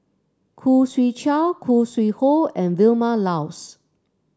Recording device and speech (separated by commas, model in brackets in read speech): standing microphone (AKG C214), read sentence